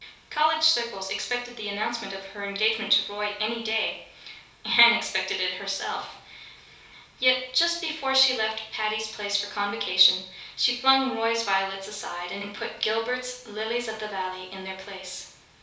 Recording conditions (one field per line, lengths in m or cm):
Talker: one person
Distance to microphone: 3.0 m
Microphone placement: far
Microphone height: 1.8 m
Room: small (3.7 m by 2.7 m)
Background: none